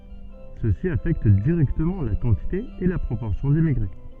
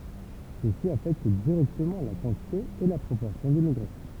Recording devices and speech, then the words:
soft in-ear microphone, temple vibration pickup, read sentence
Ceci affecte directement la quantité et la proportion d'immigrés.

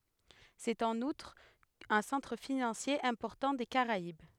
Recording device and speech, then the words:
headset microphone, read sentence
C'est en outre un centre financier important des Caraïbes.

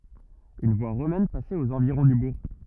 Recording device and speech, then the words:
rigid in-ear microphone, read sentence
Une voie romaine passait aux environs du bourg.

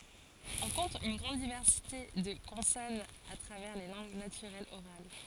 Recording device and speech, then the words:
forehead accelerometer, read sentence
On compte une grande diversité de consonnes à travers les langues naturelles orales.

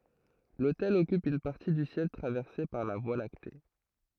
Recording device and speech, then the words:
throat microphone, read sentence
L'Autel occupe une partie du ciel traversée par la Voie lactée.

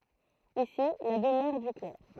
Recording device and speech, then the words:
throat microphone, read sentence
Ici la demeure du clerc.

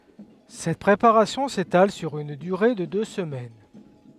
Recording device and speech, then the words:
headset microphone, read sentence
Cette préparation s'étale sur une durée de deux semaines.

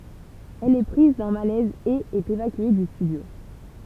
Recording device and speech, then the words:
temple vibration pickup, read sentence
Elle est prise d'un malaise et est évacuée du studio.

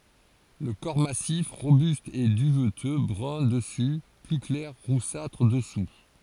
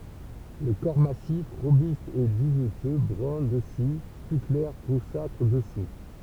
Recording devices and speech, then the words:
forehead accelerometer, temple vibration pickup, read sentence
Le corps massif, robuste, est duveteux, brun dessus, plus clair, roussâtre, dessous.

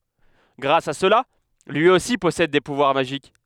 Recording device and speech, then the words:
headset microphone, read sentence
Grâce à cela, lui aussi possède des pouvoirs magiques.

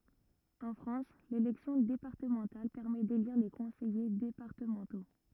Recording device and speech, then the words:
rigid in-ear microphone, read sentence
En France, l'élection départementale permet d'élire les conseillers départementaux.

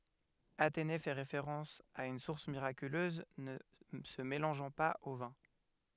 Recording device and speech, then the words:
headset microphone, read sentence
Athénée fait référence à une source miraculeuse ne se mélangeant pas au vin.

